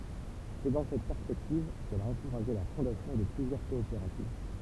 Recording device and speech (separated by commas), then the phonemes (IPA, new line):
temple vibration pickup, read sentence
sɛ dɑ̃ sɛt pɛʁspɛktiv kɛl a ɑ̃kuʁaʒe la fɔ̃dasjɔ̃ də plyzjœʁ kɔopeʁativ